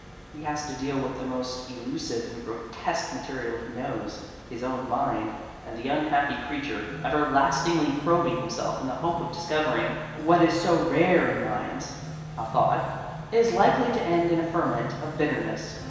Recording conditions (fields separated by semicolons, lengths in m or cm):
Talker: one person; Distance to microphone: 1.7 m; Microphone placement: close; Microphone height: 1.0 m; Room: very reverberant, large; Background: music